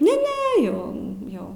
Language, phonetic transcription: Lithuanian, ne ˈne ˈjau ˈjau

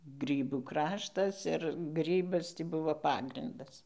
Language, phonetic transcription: Lithuanian, ˈgrybų ˈkraštas ir ˈgrybas ˈtį ˈbuvo ˈpagrindas

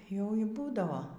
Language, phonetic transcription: Lithuanian, jau y ˈbūdavo

